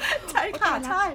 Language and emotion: Thai, happy